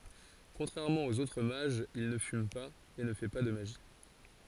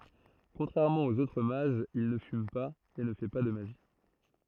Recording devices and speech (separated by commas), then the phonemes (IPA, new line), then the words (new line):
forehead accelerometer, throat microphone, read sentence
kɔ̃tʁɛʁmɑ̃ oz otʁ maʒz il nə fym paz e nə fɛ pa də maʒi
Contrairement aux autres mages, il ne fume pas, et ne fait pas de magie.